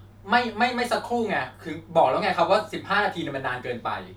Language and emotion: Thai, frustrated